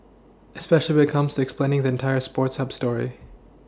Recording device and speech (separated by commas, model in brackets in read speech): standing microphone (AKG C214), read sentence